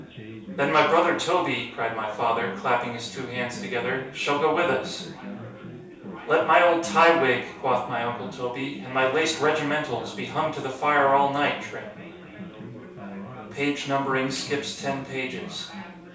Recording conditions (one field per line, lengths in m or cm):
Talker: one person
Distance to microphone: 3.0 m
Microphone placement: far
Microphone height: 1.8 m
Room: small (3.7 m by 2.7 m)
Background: babble